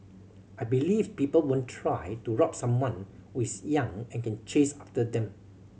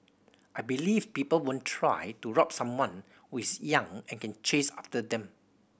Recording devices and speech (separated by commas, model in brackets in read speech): mobile phone (Samsung C7100), boundary microphone (BM630), read sentence